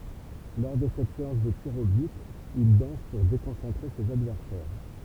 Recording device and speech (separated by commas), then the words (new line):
temple vibration pickup, read sentence
Lors de cette séance de tirs au but, il danse pour déconcentrer ses adversaires.